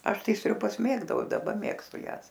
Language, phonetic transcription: Lithuanian, ˈaš ˈtai sriuˈbas ˈmėgdau i daˈba ˈmėgstu ˈjąs

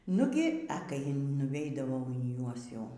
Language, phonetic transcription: Lithuanian, ˈnugi e ˈkai nuˈveidavau į ˈjuos ˈjau

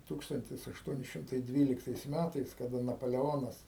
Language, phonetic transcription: Lithuanian, ˈtūkstantis ašˈtuoni ˈšimtai ˈdvyliktais ˈmætais kaˈda napaleˈonas

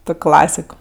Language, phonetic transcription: Lithuanian, ˈtok' ˈklasik

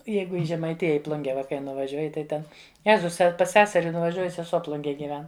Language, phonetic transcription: Lithuanian, ˈjeigu i žemaiˈtija i ˈplunge ˈva kai nuvaˈžiuoji tai ˈten ˈjezus pas ˈseseri nuvaˈžiuoju seˈsuo ˈplungėj gyˈven

